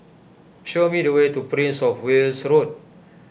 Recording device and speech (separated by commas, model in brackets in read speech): boundary microphone (BM630), read sentence